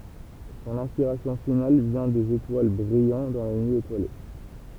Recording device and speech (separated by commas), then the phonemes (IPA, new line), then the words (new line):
temple vibration pickup, read sentence
sɔ̃n ɛ̃spiʁasjɔ̃ final vjɛ̃ dez etwal bʁijɑ̃ dɑ̃ la nyi etwale
Son inspiration finale vient des étoiles brillant dans la nuit étoilée.